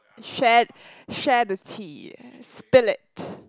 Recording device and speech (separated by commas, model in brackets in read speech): close-talking microphone, conversation in the same room